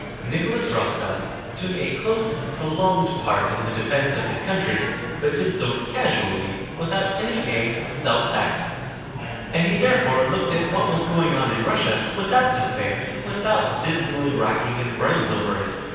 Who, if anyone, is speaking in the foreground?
One person.